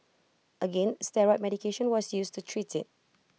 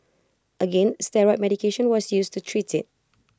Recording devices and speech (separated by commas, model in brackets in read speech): mobile phone (iPhone 6), close-talking microphone (WH20), read sentence